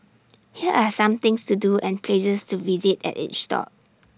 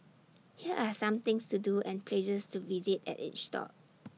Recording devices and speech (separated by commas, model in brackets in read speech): standing microphone (AKG C214), mobile phone (iPhone 6), read sentence